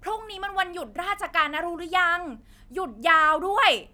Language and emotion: Thai, happy